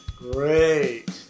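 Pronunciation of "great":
'Great' is said with an intonation that means 'oh no, this is terrible', not 'wonderful, fantastic'.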